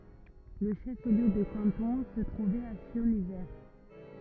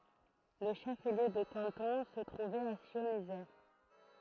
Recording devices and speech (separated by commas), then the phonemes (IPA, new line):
rigid in-ear microphone, throat microphone, read sentence
lə ʃəfliø də kɑ̃tɔ̃ sə tʁuvɛt a sjɔ̃zje